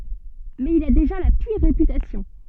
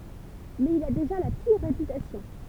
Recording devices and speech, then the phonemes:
soft in-ear microphone, temple vibration pickup, read sentence
mɛz il a deʒa la piʁ ʁepytasjɔ̃

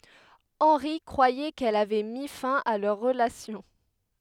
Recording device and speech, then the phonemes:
headset microphone, read sentence
ɑ̃ʁi kʁwajɛ kɛl avɛ mi fɛ̃ a lœʁ ʁəlasjɔ̃

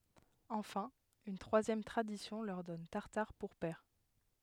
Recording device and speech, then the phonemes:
headset microphone, read sentence
ɑ̃fɛ̃ yn tʁwazjɛm tʁadisjɔ̃ lœʁ dɔn taʁtaʁ puʁ pɛʁ

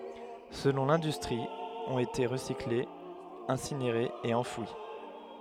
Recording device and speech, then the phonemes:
headset microphone, read sentence
səlɔ̃ lɛ̃dystʁi ɔ̃t ete ʁəsiklez ɛ̃sineʁez e ɑ̃fwi

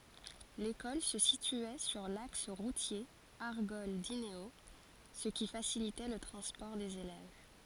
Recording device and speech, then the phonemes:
forehead accelerometer, read sentence
lekɔl sə sityɛ syʁ laks ʁutje aʁɡɔl dineo sə ki fasilitɛ lə tʁɑ̃spɔʁ dez elɛv

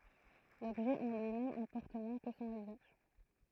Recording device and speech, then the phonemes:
throat microphone, read sentence
lɔbʒɛ ɑ̃ lyimɛm ɛ̃pɔʁt mwɛ̃ kə sɔ̃n yzaʒ

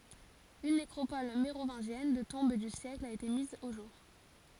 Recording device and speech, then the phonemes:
forehead accelerometer, read sentence
yn nekʁopɔl meʁovɛ̃ʒjɛn də tɔ̃b dy sjɛkl a ete miz o ʒuʁ

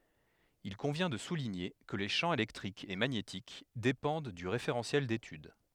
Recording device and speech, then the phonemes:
headset microphone, read sentence
il kɔ̃vjɛ̃ də suliɲe kə le ʃɑ̃ elɛktʁik e maɲetik depɑ̃d dy ʁefeʁɑ̃sjɛl detyd

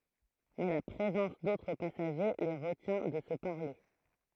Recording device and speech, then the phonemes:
throat microphone, read sentence
mɛ la pʁezɑ̃s dotʁ pasaʒe le ʁətjɛ̃ də sə paʁle

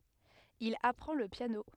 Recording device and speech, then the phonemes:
headset microphone, read sentence
il apʁɑ̃ lə pjano

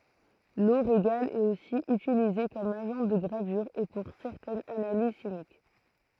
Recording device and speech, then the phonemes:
throat microphone, read sentence
lo ʁeɡal ɛt osi ytilize kɔm aʒɑ̃ də ɡʁavyʁ e puʁ sɛʁtɛnz analiz ʃimik

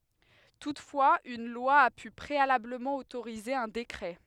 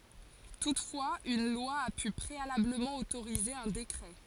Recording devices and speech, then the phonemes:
headset microphone, forehead accelerometer, read sentence
tutfwaz yn lwa a py pʁealabləmɑ̃ otoʁize œ̃ dekʁɛ

